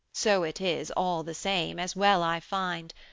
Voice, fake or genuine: genuine